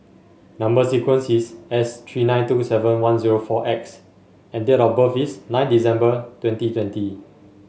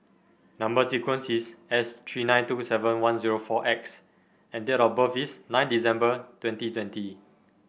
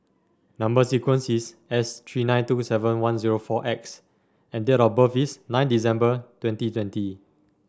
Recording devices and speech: mobile phone (Samsung S8), boundary microphone (BM630), standing microphone (AKG C214), read sentence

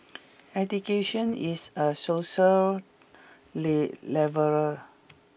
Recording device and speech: boundary microphone (BM630), read sentence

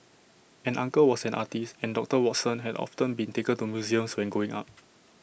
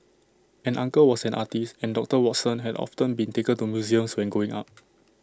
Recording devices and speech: boundary microphone (BM630), standing microphone (AKG C214), read sentence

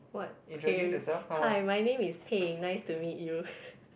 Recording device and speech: boundary microphone, conversation in the same room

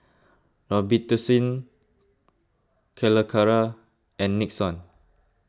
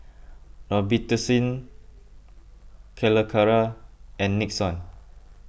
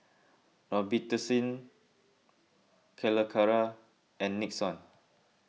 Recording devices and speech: close-talking microphone (WH20), boundary microphone (BM630), mobile phone (iPhone 6), read sentence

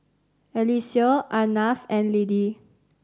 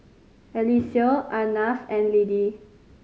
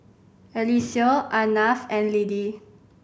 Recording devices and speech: standing microphone (AKG C214), mobile phone (Samsung C5010), boundary microphone (BM630), read sentence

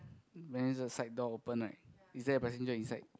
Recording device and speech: close-talking microphone, conversation in the same room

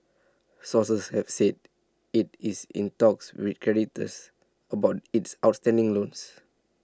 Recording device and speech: standing microphone (AKG C214), read sentence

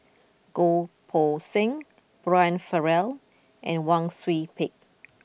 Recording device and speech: boundary microphone (BM630), read sentence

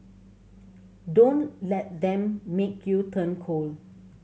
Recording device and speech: mobile phone (Samsung C7100), read sentence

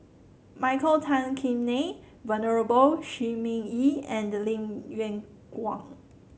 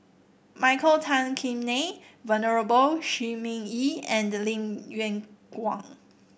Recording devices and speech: mobile phone (Samsung C7), boundary microphone (BM630), read sentence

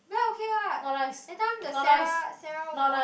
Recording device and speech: boundary microphone, conversation in the same room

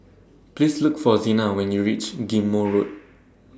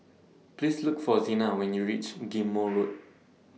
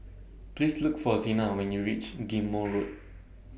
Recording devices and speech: standing microphone (AKG C214), mobile phone (iPhone 6), boundary microphone (BM630), read sentence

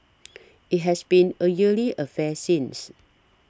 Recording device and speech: standing microphone (AKG C214), read sentence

